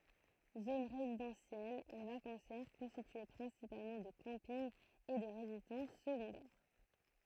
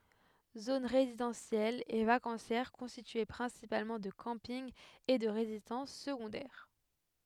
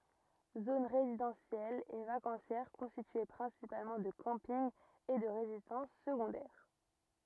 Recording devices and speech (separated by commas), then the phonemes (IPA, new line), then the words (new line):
throat microphone, headset microphone, rigid in-ear microphone, read sentence
zon ʁezidɑ̃sjɛl e vakɑ̃sjɛʁ kɔ̃stitye pʁɛ̃sipalmɑ̃ də kɑ̃pinɡ e də ʁezidɑ̃s səɡɔ̃dɛʁ
Zone résidentielle et vacancière constituée principalement de campings et de résidences secondaires.